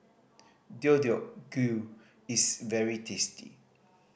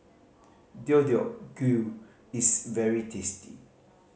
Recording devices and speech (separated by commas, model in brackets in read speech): boundary microphone (BM630), mobile phone (Samsung C5010), read sentence